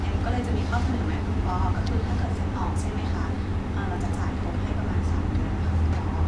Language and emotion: Thai, neutral